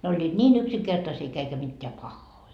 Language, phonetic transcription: Finnish, ne oĺĺiit "ńii'n ‿'yksiŋkertasii eikä mitteä "pahhoi .
- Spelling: ne olivat niin yksinkertaisia eikä mitään pahoja

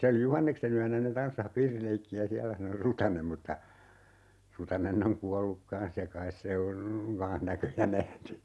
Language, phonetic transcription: Finnish, ('se oli) "Juhanneksen ‿yänä ne 'tanssah 'piirileikki₍ä "siälä sano 'Rutanem mutta , 'Rutanenn ‿oŋ 'kualluk "kan̬s ja 'kais se on , 'kaa̰h "näköjä 'nähny .
- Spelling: se oli Juhanneksen yönä ne tanssasi piirileikkiä siellä sanoi Rutanen mutta Rutanen on kuollut kanssa ja kai se on kanssa näköjä nähnyt

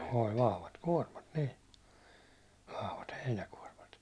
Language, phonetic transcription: Finnish, òĺ 'vahvat "kuårmat nii , 'vahvat 'heinäkuårmat .
- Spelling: oli vahvat kuormat niin vahvat heinäkuormat

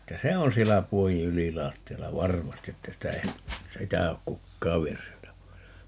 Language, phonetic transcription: Finnish, että "se on 'siellä 'puojiḭ "ylilaatti₍alla "varmasti että 'sitä ei , 'sitä ok "kukkaav 'vienys 'sieltä 'pois .
- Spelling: että se on siellä puodin ylilattialla varmasti että sitä ei sitä ole kukaan vienyt sieltä pois

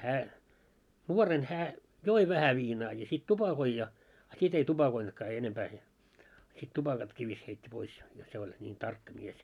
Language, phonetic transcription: Finnish, 'hää , 'nuoren hää , "joi 'vähä viinaa ja sit 'tupakoi ja , a 'sit ‿ei 'tupakointkaa enempää se , sit 'tupakatkii vis- , 'heit́t́i pois , jot se oĺ , ńiin "tarkka mies .
- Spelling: hän nuoren hän joi vähän viinaa ja sitten tupakoi ja a sitten ei tupakoinutkaan enempää se sitten tupakatkin - heitti pois jotta se oli niin tarkka mies

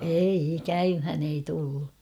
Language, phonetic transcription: Finnish, 'eiʲi "käymhän ‿ei 'tullu .
- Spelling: ei käymään ei tullut

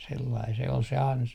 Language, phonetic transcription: Finnish, 'sellai se ol se 'ansa .
- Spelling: sellainen se oli se ansa

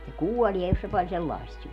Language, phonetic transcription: Finnish, se "kuolie jos se pal 'sellài̮st syö .
- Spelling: se kuolee jos se paljon sellaista syö

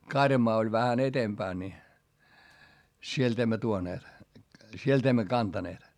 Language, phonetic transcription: Finnish, karjamaa oĺ vähän ‿etempään ni , sielt ‿emmä tuoneet , sielt ‿emmä kantaneet .
- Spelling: karjamaa oli vähän edempänä niin sieltä emme tuoneet sieltä emme kantaneet

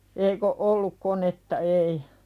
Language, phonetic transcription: Finnish, eik ‿o "'olluk konetta 'ei .
- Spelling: eikä ole ollut konetta ei

